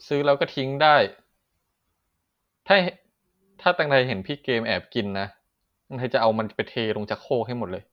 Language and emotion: Thai, frustrated